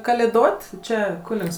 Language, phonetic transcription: Lithuanian, kalėˈdot' ˈčia ˈkunigs

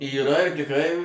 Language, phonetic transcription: Lithuanian, yˈra ir tikˈrai

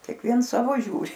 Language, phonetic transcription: Lithuanian, kėkˈviens ˈsavo ˈžiūri

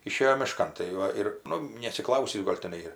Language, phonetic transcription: Lithuanian, iˈšėjo miˈškan tai ˈva ir ˈnu neatsiˈklausįs ˈgol' ˈtenai ir

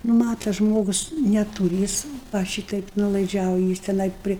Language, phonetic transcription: Lithuanian, ˈnu ˈmata ˈžmogus neˈtūri ˈjis va ˈšytaip nuolaiˈdžiauji ˈjis teˈnai ˈpri

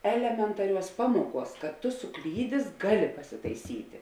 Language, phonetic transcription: Lithuanian, ˈelementaˌriuos ˈpamuoˌkuos kad ˈtu suˈklydės ˈgaˌli pasitaiˈsyti

